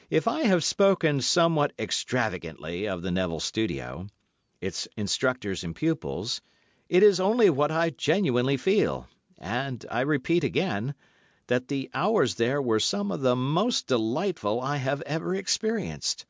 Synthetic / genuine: genuine